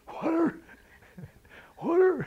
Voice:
in parched voice